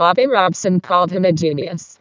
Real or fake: fake